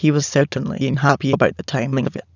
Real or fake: fake